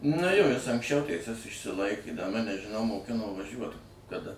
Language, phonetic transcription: Lithuanian, nu ˈjo ˈjis anksˈčiau teiˈses išsiˈlaikė da ˈmane žiˈnau moˈkino vaˈžiuot kaˈda

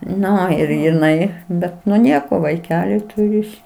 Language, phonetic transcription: Lithuanian, ˈnu ir jiˈnai ˈbet nu ˈnieko vaiˈkeli ˈturi is

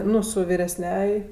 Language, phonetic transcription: Lithuanian, ˈnu su viresˈniaj

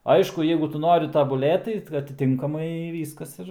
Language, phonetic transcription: Lithuanian, ˈaišku ˈjeigu ˈtu ˈnori tabuˈlėt tai atiˈtinkamai ˈvyskas ˈir

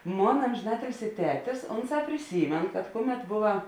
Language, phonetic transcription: Lithuanian, ˈmona ˌamžiˈnatilsi ˈtetis ˈonˌsā priˈsymėn kad ˈkuˌmet ˈbova

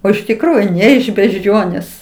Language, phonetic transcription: Lithuanian, o iš tikˈrųju ˈne iš bežˈdžionės

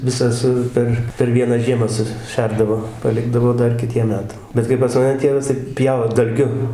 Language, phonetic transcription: Lithuanian, ˈvisa su ˈper per ˈvieną ˈžiemą suˈšerdavo paˈlikdavo ˈdar kiˈtiem ˈmetam ˈbet kai pas maˈne ˈtėvas tai ˈpjau dalˈgiu

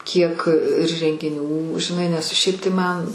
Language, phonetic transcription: Lithuanian, kiek ir rengiˈnių žiˈnai nes ˈšiaip tai ˈman

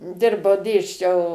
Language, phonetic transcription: Lithuanian, ˈdirbau ˈdėsčiau

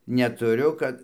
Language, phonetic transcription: Lithuanian, netuˈriu ˈkad

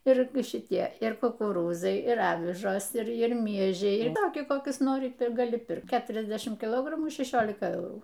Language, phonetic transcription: Lithuanian, ˈir ir šiˈtie ir kukuˈrūzai ir ˈavižos ir ˈir ˈmiežiai ir ˈtokie ˈkokius ˈnori ir gaˈli ˈpirkt ˈketriasdešimt kiˈlogramų šeˈšiolika ˈeurų

